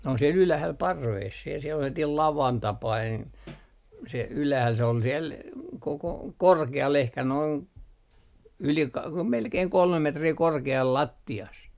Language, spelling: Finnish, ne on siellä ylhäällä parvessa siellä sellainen lavan tapainen se ylhäällä se oli siellä koko korkealla ehkä noin yli - melkein kolme metriä korkealla lattiasta
- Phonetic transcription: n ‿on siel 'ylähäl , "parvees , siel sellatiil "lavan 'tapain , se 'ylähäl se ol 'siel , koko "korke₍al ehkä noin , 'yli ka- , melkei 'kolmem 'metrii 'korke₍al 'latti₍ast .

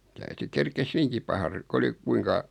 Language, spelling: Finnish, täytyi kerkisi hyvinkin paha - kun oli kuinka
- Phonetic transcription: 'täyty 'kerkes "hyviŋki paha ru- , kᵘ oli , 'kuiŋka ,.

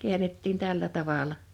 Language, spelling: Finnish, käännettiin tällä tavalla
- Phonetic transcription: 'kiänettiin 'tällä 'tavàl̀a .

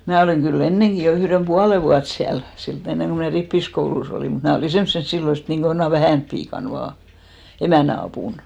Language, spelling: Finnish, minä olin kyllä ennenkin jo yhden puolen vuotta siellä siltä ennen kuin minä rippikoulussa olin mutta minä olin semmoisena silloin niin kuin jonakin vähänä piikana vain emännän apuna
- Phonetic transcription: mää 'olìŋ ɢy"l ‿enneŋki jo 'yhrem "puale vuat 'siäl , silt , 'enneŋ ko mnä̀ 'rippiskoulus ‿olì , mut 'mnä̀ olì "semssen 'sillo niiŋko jona "vähä̀np piikan 'vaa , 'emä̀n̆nä apùn .

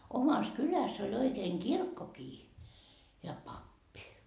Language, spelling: Finnish, omassa kylässä oli oikein kirkkokin ja pappi
- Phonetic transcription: 'omas "kyläs oĺ oikeen "kirkkokii , ja 'pappi .

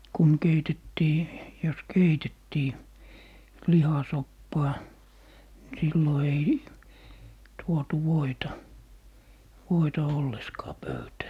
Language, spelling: Finnish, kun keitettiin jos keitettiin lihasoppaa niin silloin ei tuotu voita voita ollenkaan pöytään
- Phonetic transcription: kun 'keitettii , 'jos "keitettii , "lihasoppaa , ni 'sillo ei , tuotu 'voita , 'voita 'olleskaa "pöytää .

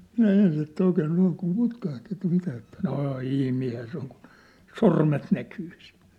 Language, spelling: Finnish, minä ensin että oikein noin kun putkahti että mitä että no ihminenhän se on kun sormet näkyy siellä
- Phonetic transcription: minä 'ens ‿että oikee noiŋ kum 'putkaht ‿että̆ 'mitä että , » "nô "ihmiinhä se ‿oŋ kun , "sormet näkyy sɪᴀ̭̈(ʟ) . «

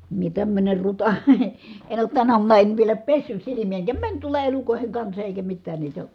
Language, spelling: Finnish, minä tämmöinen ruta en ole tänä aamuna en vielä pessyt silmiä enkä meni tuolla elukoiden kanssa eikä mitään niitä
- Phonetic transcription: mie tämmöner ruta , en ‿oot tänä uamuna en vielä pessys silimiʲä eŋkä , mäń tuola elukòi̮heŋ kansa èikä mittään niitä ,.

